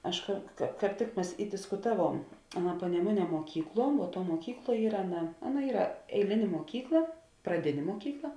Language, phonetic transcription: Lithuanian, ˈaš ka ka kāp ˈtik ˈmes i diskuˈtaˌvuom ˈaˌna paneˈmuˌnie muoˈkykˌluo vuo ˈtuo muoˈkykˌluo ˈyra ˈaˌna ˈaˌna ˈyra eiˈlinė muoˈkykla praˈdinė muoˈkykla

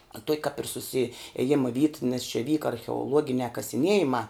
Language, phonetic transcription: Lithuanian, a tuok' kap ir susiėˈjima vyt nes čia ˈvyka archeoˈluoginiā kasiˈniejimā

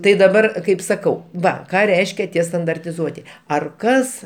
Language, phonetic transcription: Lithuanian, tai daˈbar ˈkaip saˈkau ˈva ˈką ˈreiškia ˈtie standartiˈzuoti ar ˈkas

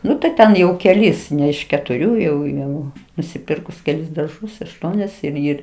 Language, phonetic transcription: Lithuanian, ˈnu tai ˈten jau keˈlis ˈne iš ketuˈrių jau ˈjau nusiˈpirkus keˈlis darˈžus ašˈtuonias ir ˈir

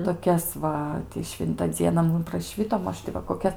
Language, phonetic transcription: Lithuanian, toˈkias va ti ˈšvinta ˈdziena ˈmum praˈšvito ˈmaž ti va koˈkias

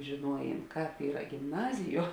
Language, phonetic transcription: Lithuanian, žėˈnuojėn ˈkāp ˈyra gimˈnaziˌjuo

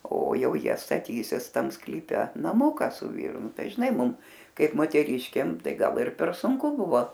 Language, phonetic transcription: Lithuanian, o ˈjau ˈjie staˈtysis ˈtam sklyˈpe naˈmuka su ˈvyru ˈnu ˈtai žiˈnai ˈmum ˈkaip moteˈriškėm ˈtai ˈgal ir per sunˈku ˈbuvo

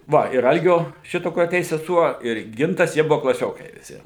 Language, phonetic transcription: Lithuanian, ˈva ir ˈalgio ˈšito kur aˈteis seˈsuo ir ˈgintas ˈjie ˈbuvo klaˈsiokai viˈsi

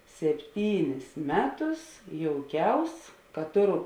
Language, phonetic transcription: Lithuanian, sepˈtynis ˈmeˌtus jouˈkiaus ka ˈtoˌru

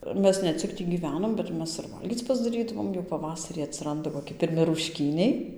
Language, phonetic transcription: Lithuanian, ˈmes ne ˈcik ˈtį gyˈvenom bet ˈmes ir ˈvalgyc pasdaˈrydavom jau paˈvasarį atsiˈranda koˈki pirˈmi rušˈkyniai

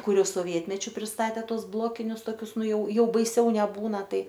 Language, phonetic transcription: Lithuanian, ˈkur ˈjau soˈvietmečiu prisˈtatė ˈtuos ˈblokinius toˈkius ˈnu ˈjau ˈjau baiˈsiau neˈbūna ˈtai

